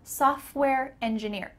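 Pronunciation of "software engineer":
In 'software', the t in the middle is cut out, so the f and the w sounds come right beside each other.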